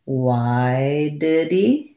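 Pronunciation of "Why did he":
In 'Why did he', the words are linked together and the h of 'he' drops off.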